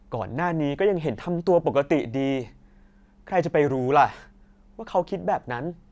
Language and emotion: Thai, frustrated